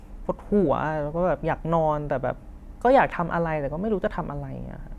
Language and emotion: Thai, frustrated